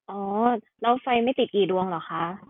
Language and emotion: Thai, neutral